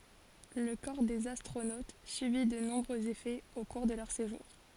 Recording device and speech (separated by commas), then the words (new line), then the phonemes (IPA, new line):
forehead accelerometer, read sentence
Le corps des astronautes subit de nombreux effets au cours de leur séjour.
lə kɔʁ dez astʁonot sybi də nɔ̃bʁøz efɛz o kuʁ də lœʁ seʒuʁ